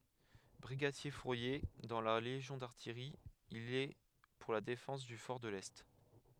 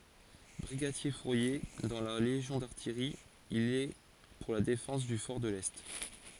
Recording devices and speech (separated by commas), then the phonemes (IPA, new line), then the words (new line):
headset microphone, forehead accelerometer, read sentence
bʁiɡadjɛʁfuʁje dɑ̃ la leʒjɔ̃ daʁtijʁi il ɛ puʁ la defɑ̃s dy fɔʁ də lɛ
Brigadier-fourrier dans la légion d’artillerie, il est pour la défense du fort de l'Est.